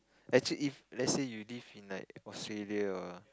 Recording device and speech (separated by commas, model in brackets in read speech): close-talking microphone, conversation in the same room